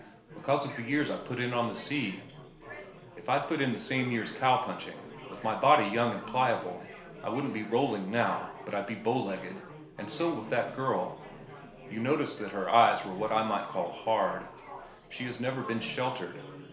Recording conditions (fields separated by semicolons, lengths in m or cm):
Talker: one person; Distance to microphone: 1.0 m; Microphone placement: close; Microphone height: 1.1 m; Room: small (3.7 m by 2.7 m); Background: babble